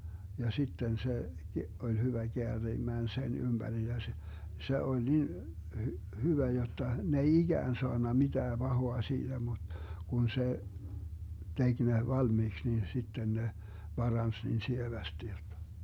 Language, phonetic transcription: Finnish, ja 'sitten 'se , 'oĺ hyvä 'Geäriimään 'sen 'ymBäri ja (se) , 'se oĺ 'nin , hy- , 'hyvä jotta , ne 'ei "iGään 'soanna 'mitää 'Bahoa 'siiDä mut , 'kun 'se , 'tek ne 'valmiiks nin 'sitten ne , 'Barans niin 'sievästi jottA .
- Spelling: ja sitten se oli hyvä käärimään sen ympäri ja se se oli niin - hyvä jotta ne ei ikään saanut mitään pahaa siitä mutta kun se teki ne valmiiksi niin sitten ne paransi niin sievästi jotta

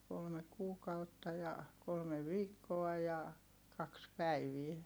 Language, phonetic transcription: Finnish, kolme kuukautta ja , kolme viikkoa ja , kaks päivie .
- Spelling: kolme kuukautta ja kolme viikkoa ja kaksi päivää

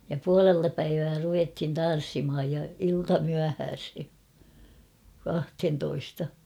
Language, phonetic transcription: Finnish, ja 'pualelta päivää 'ruvethin "tan̬s-simhaj ja 'iltamyähääshe , 'kahthentoista .
- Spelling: ja puolelta päivää ruvettiin tanssimaan ja iltamyöhäiseen kahteentoista

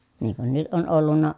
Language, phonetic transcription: Finnish, niŋ kun nyt ʼon ʼollunna ,.
- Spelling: niin kuin nyt on ollut

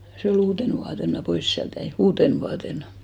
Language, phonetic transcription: Finnish, se o'l ‿uuten vuaten mä "pois siält jäi , 'uuten vuatenᴀ .
- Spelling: se oli uutena vuotena minä pois sieltä jäin uutena vuotena

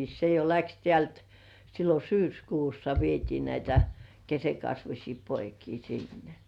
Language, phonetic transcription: Finnish, se jo 'läks tĕä̀lt , sillo "syyskuussa vietii näitä , 'kesekasvuśii "poikii sinnᴇ .
- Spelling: se jo lähti täältä silloin syyskuussa vietiin näitä keskenkasvuisia poikia sinne

